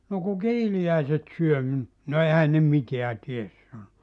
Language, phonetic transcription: Finnish, » 'no ku "kiili₍äiset 'syö (minut) « » no "ehän ne 'miteä ties « sano .
- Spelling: no kun kiiliäiset syö minut no eihän ne mitään tee sanoi

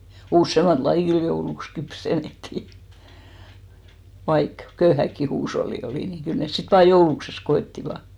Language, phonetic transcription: Finnish, "ussèmat 'lajì kyl 'jouluks 'kypsen̆nettì , 'vaik , "köyhäkki huusholli 'olì , ni 'kyl 'nes sit 'vaa "joulukses 'ko₍ettiva .
- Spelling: useampaa lajia kyllä jouluksi kypsennettiin vaikka köyhäkin huusholli oli niin kyllä ne sitten van joulukseen koettivat

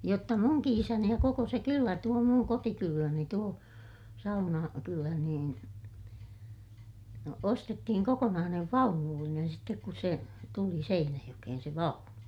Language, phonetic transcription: Finnish, jotta muŋki isäni ja koko se kyllä tuo muŋ kotikylläni tuo , Sauna- , -kylä niin , no ostettihiŋ kokonaanev vaunullinen sittek kus se , tuli Seinäjokehen se vaunu .
- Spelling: jotta minunkin isäni ja koko se kylä tuo minun kotikyläni tuo - Saunakylä niin no ostettiin kokonainen vaunullinen sitten kun se tuli Seinäjokeen se vaunu

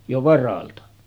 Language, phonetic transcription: Finnish, jo 'varalta .
- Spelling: jo varalta

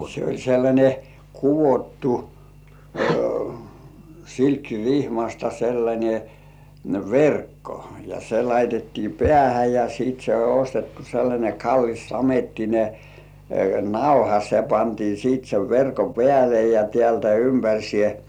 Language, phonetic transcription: Finnish, se oĺ sellańe , 'kuvottu , 'silkki"rihmasta sellańe "verkko , ja se 'laitettii "pĕä̀hä ja sit se oĺ ostettu sellańe "kallis samettine "nauha se pantii sìt sev 'verko "pĕä̀le ja 'tĕä̀ltä "ympäŕsiè .
- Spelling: se oli sellainen kudottu silkkirihmasta sellainen verkko ja se laitettiin päähän ja sitten se oli ostettu sellainen kallis samettinen nauha se pantiin sitten sen verkon päälle ja täältä ympäri

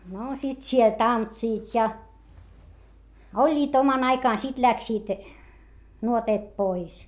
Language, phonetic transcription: Finnish, noo sit siel tantsiit ja , oĺĺiit oman ‿aikàn sit läksiit , nuoteet pois .
- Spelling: no sitten siellä tanssivat ja olivat oman aikansa sitten lähtivät nuoteet pois

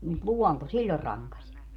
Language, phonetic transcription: Finnish, mut "luɔnto 'siĺĺor raŋkaś .
- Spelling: mutta luonto silloin rankaisi

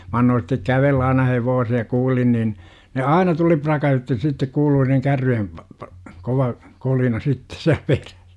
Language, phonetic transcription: Finnish, mä 'annoon̬ stek "kävellä aina 'hevoose ja 'kuulin nin , ne 'aina 'tuli 'pra§kä₍ytti sittek 'kuului niŋ 'kärryjem p - p- , 'kova , 'kolina sitte siä 'perÄs .
- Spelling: minä annoin sen kävellä aina hevosen ja kuulin niin ne aina tuli pärskäytti sitten kuului niin kärryjen - - kova kolina sitten siellä perässä

